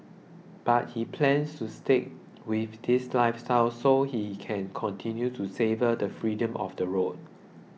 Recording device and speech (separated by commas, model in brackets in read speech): mobile phone (iPhone 6), read sentence